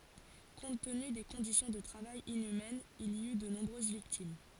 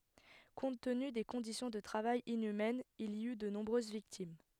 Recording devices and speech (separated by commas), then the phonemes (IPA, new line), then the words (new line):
forehead accelerometer, headset microphone, read sentence
kɔ̃t təny de kɔ̃disjɔ̃ də tʁavaj inymɛnz il i y də nɔ̃bʁøz viktim
Compte tenu des conditions de travail inhumaines, il y eut de nombreuses victimes.